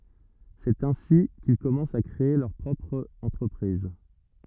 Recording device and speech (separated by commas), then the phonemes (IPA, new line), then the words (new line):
rigid in-ear microphone, read sentence
sɛt ɛ̃si kil kɔmɑ̃st a kʁee lœʁ pʁɔpʁ ɑ̃tʁəpʁiz
C’est ainsi qu’ils commencent à créer leur propre entreprise.